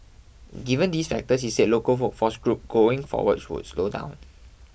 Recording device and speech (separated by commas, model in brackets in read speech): boundary microphone (BM630), read sentence